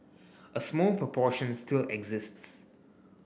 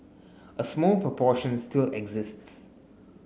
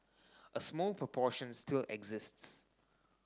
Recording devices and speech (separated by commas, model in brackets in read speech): boundary microphone (BM630), mobile phone (Samsung S8), standing microphone (AKG C214), read sentence